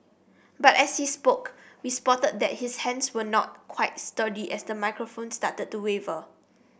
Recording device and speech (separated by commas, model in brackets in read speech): boundary microphone (BM630), read sentence